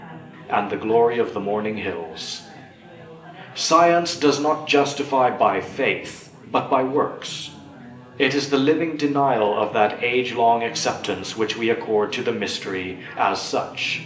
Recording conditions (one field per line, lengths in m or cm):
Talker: one person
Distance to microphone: 1.8 m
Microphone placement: close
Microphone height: 1.0 m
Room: large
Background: babble